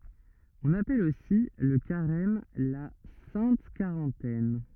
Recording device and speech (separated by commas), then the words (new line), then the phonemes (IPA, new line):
rigid in-ear microphone, read sentence
On appelle aussi le Carême la Sainte Quarantaine.
ɔ̃n apɛl osi lə kaʁɛm la sɛ̃t kaʁɑ̃tɛn